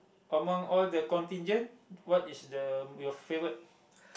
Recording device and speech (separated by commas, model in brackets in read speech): boundary microphone, conversation in the same room